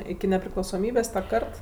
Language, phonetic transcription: Lithuanian, iki nepriklausoˈmybės ta ˈkart

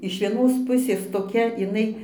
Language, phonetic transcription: Lithuanian, iš vieˈnos ˈpusės toˈkia iˈnai

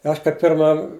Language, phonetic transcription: Lithuanian, ˈaš kai ˈpirma

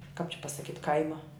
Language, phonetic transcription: Lithuanian, kāp či pasaˈkyt' ˈkaima

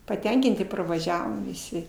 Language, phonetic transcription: Lithuanian, paˈtenkinti parvaˈžiavom viˈsi

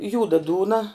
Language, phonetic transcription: Lithuanian, ˈjūda ˈdūna

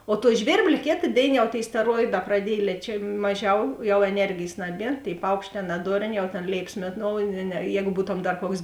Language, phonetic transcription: Lithuanian, o tuo ˈžvėrblė ˈkėta ˈdėina jau tėi steˈroiˌdā praˈdiej liečia ˈmaˌžiau jau eˈnergėjs ˈnaˌbie tėi ˈpaukšˌtē ˈnadorˌnė jau tėn ˈlėipas ˈmėˌnou ne ˈjēgu dar ˈbūtom ˈkuoks

